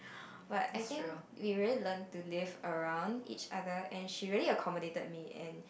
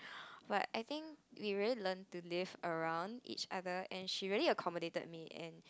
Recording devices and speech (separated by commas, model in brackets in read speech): boundary microphone, close-talking microphone, conversation in the same room